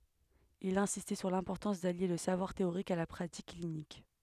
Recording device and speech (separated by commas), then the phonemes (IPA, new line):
headset microphone, read sentence
il ɛ̃sistɛ syʁ lɛ̃pɔʁtɑ̃s dalje lə savwaʁ teoʁik a la pʁatik klinik